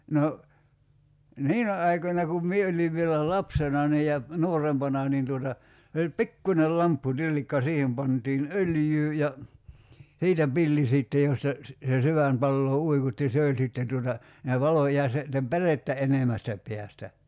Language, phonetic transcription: Finnish, 'no , "niinä 'aikońa kum 'mie oliv vielä "lapsena nii ja , 'nuorempana niin tuota , se oĺ "pikkuńel 'lamppu'tillikka 'siihem pantiin "öljyy ja , 'siitä 'pilli 'sìtte josta , se , se 'syvän̳§ palloo "uikutti 'se oĺ sìtten tuota , [sii]nä 'valo jà se , (sittem) "pärettä 'enemästä 'peästä .
- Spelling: no niinä aikoina kun minä olin vielä lapsena niin ja nuorempana niin tuota se oli pikkuinen lampputillikka siihen pantiin öljyä ja siitä pilli sitten josta se se sydän palaa uikutti se oli sitten tuota siinä valo ja se sitten pärettä enemmästä päästä

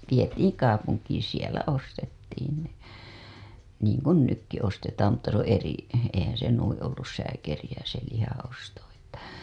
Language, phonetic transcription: Finnish, 'vietiiŋ "kaapuŋkiiḭ sielä 'ostettiin ne , niiŋ kun "nykki 'ostetaam mutta se ‿oo̰ 'eri- , eihää̰ se 'nuiḭ ollus sääkerijä se lihaa̰ osto Että .
- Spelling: vietiin kaupunkiin siellä ostettiin ne niin kuin nytkin ostetaan mutta se on - eihän se noin ollut sääkeriä se lihan osto että

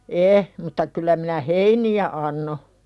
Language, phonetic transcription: Finnish, 'e , mutta kyl̆lä minä "heini₍ä anno .
- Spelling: ei mutta kyllä minä heiniä annoin

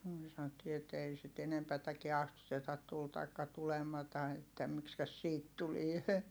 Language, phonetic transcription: Finnish, myö sanottii et ei sit enempätäkiɛ astutetat tul taikka tulemata että , mikskäs siit tulie .
- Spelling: me sanottiin että ei sitä enempääkään astuteta tuli tai tulematta että miksikäs siitä tulee

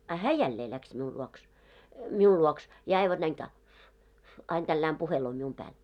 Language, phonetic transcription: Finnish, a 'hää 'jällee läks miul 'luoks , 'miul luoks , ja aivan näin taa- , 'ain tällääm 'puheloo mium 'pääl .
- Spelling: a hän jälleen lähti minun luokse minun luokse ja aivan näin - aina tällä lailla puhelee minun päälle

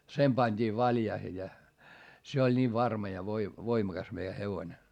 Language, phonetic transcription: Finnish, sem pańD'ii valjaihe ja , se oĺ nii varma ja voi- , voimakas meijä hevońe .
- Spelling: sen pantiin valjaisiin ja se oli niin varma ja - voimakas meidän hevonen

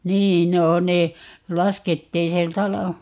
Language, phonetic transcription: Finnish, 'niin 'no 'ne , 'laskettiin 'siel"t ‿ala - ,.
- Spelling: niin no ne laskettiin sieltä -

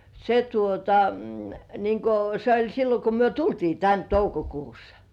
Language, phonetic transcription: Finnish, se 'tuota , 'niiŋ 'ko , se ‿oĺ 'sillo ko myö "tultii tän 'toukokuussᴀ .
- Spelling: se tuota niin kuin se oli silloin kun me tultiin tänne toukokuussa

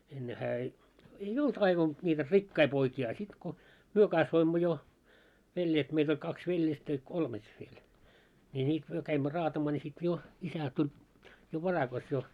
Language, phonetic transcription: Finnish, 'enne hää ei , ei "olt aivan , ńiitä "rikkai poikii a sit ko , "myö 'kasvoimmo jo , veljet meit ‿oĺ kaks 'veljestä ja 'kolmet viel , ni nii 'myö käimmö 'raatamaa ńi sit 'jo , 'isä tuĺ , jo 'varakas jo .
- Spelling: ennen hän ei ei ollut aivan niitä rikkaita poikia - sitten kun me kasvoimme jo veljet meitä oli kaksi veljestä ja kolmet vielä niin niin me kävimme raatamaan niin sitten jo isä tuli jo varakas jo

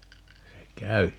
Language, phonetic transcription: Finnish, 'se "kävi .
- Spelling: se kävi

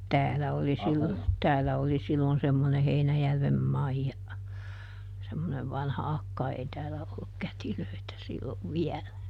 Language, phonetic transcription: Finnish, "täälä oli ˈsillo , ˈtäälä oli sillon semmone ˈHeinäjärvem "Maija , semmonev ˈvanha "akka ei ˈtäälä olluk ˈkätilöitä sillov "viɛlä .
- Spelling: täällä oli silloin täällä oli silloin semmoinen Heinäjärven Maija semmoinen vanha akka ei täällä ollut kätilöitä silloin vielä

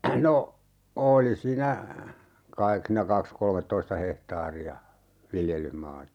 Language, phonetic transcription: Finnish, 'no , 'ooli siinä , 'kaik siinä 'kaks "kolmettoista 'hehtaari₍a , 'viljel̀yhmaata .
- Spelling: no oli siinä kai siinä kaksi kolmetoista hehtaaria viljelysmaata

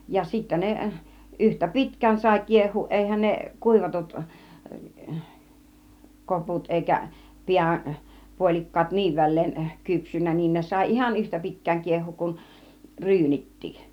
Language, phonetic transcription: Finnish, ja 'sittä 'ne , 'ˀyhtä "pitk̆kään sài 'kieh̆huuˀ , 'èihän 'ne "kùivatut , 'koput èikä , "piä , "puol͕ik̀kaat "niiv 'väl̆leen , 'kypsynnä niin 'ne 'sài "ihan "yhtä pitk̆kääŋ 'kieh̆huuk kun , "ryynitti .
- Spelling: ja sitten ne yhtä pitkään sai kiehua eihän ne kuivatut koput eikä pää puolikkaat niin väleen kypsynyt niin ne sai ihan yhtä pitkään kiehua kuin ryynitkin

